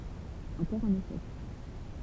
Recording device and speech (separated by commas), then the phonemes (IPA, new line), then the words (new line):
temple vibration pickup, read sentence
ɑ̃kɔʁ œ̃n eʃɛk
Encore un échec.